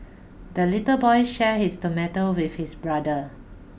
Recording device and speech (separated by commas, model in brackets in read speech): boundary microphone (BM630), read sentence